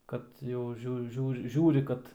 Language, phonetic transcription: Lithuanian, ˈkad jau ˈžiū ˈžiūr ˈžiūri kad

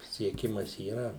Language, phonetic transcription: Lithuanian, sieˈkimas yˈra

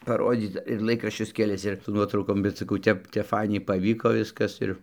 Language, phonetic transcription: Lithuanian, paˈrodyc ir ˈlaikraščius keˈlis ir su ˈnuotraukom bet saˈkau ˈtep ˈtepˈfainiai paˈvyko ˈviskas ir

